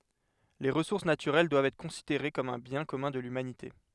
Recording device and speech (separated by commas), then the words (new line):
headset microphone, read sentence
Les ressources naturelles doivent être considérées comme un bien commun de l'humanité.